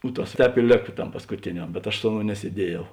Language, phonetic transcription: Lithuanian, u ˈtas ˈtēp i ˈlėka ˈtam paskuˈtėniam bet aš ˈsu aˌnou nesieˈdiejau

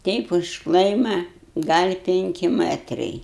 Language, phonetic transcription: Lithuanian, ˈteip už ˈklaima gal' ˈpinki ˈmɜtrai

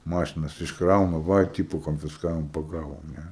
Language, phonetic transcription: Lithuanian, ˈmašinas iškˈrauna ˈva i ˈtipo konfisˈkavom paˈgavom ˈne

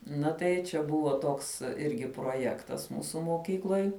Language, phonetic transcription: Lithuanian, ˈna tai čia ˈbuvo ˈtoks ˈirgi proˈjektas ˈmūsu moˈkykloj

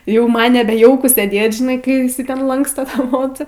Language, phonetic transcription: Lithuanian, jau ˈman neˈbe ˈjauku sėˈdėt žiˈnai kai iˈsai ten ˈlanksta ˈtą ˈmocą

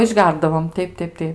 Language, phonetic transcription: Lithuanian, išˈgerdavom ˈteip ˈteip ˈteip

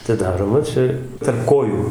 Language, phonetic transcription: Lithuanian, atiˈdaroma ˈčia tarp ˈkojų

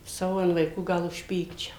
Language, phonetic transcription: Lithuanian, ˈsavo an vaiˈkų ˈgal užˈpykčiau

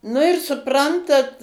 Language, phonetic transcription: Lithuanian, nu ir suˈprantat

